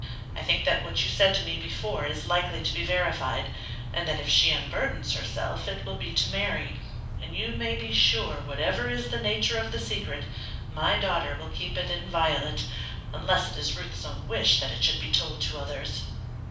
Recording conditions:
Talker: one person; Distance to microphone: 5.8 m; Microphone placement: far; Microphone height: 1.8 m; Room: medium-sized (5.7 m by 4.0 m); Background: none

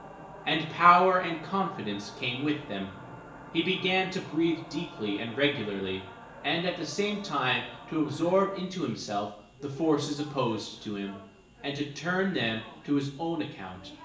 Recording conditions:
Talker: one person; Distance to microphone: 1.8 m; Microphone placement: close; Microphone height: 1.0 m; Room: large; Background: television

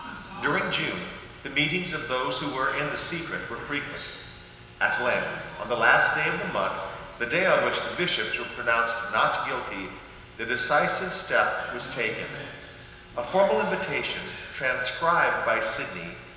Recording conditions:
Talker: one person; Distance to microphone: 1.7 m; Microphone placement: close; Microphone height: 1.0 m; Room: very reverberant, large; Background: television

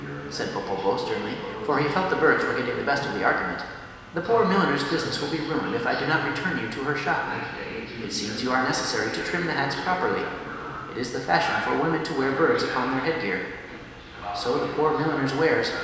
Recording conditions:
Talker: one person; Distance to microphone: 1.7 m; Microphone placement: close; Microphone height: 1.0 m; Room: very reverberant, large; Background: television

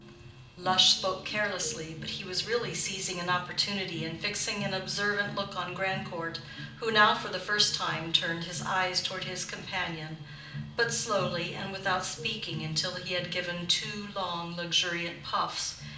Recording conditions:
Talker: one person; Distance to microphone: 2.0 m; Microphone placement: close; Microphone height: 99 cm; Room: medium-sized (5.7 m by 4.0 m); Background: music

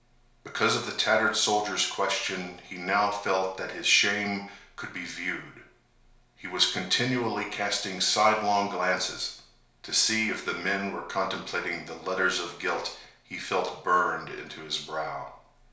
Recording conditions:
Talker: one person; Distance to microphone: 1.0 m; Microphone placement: close; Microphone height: 1.1 m; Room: small (3.7 m by 2.7 m); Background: none

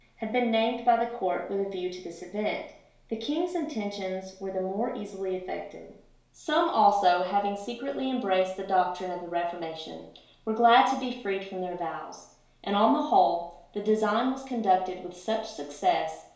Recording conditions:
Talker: one person; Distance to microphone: 1.0 m; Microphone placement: close; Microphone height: 1.1 m; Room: small (3.7 m by 2.7 m); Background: none

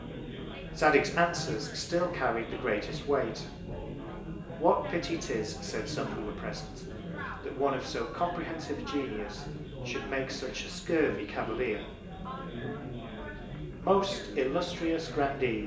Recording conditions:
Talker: one person; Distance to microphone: 1.8 m; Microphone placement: close; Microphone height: 1.0 m; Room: large; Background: babble

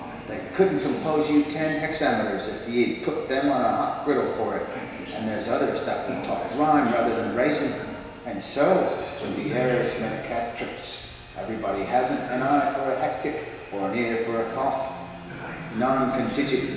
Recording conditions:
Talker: one person; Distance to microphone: 1.7 m; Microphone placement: close; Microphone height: 1.0 m; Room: very reverberant, large; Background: television

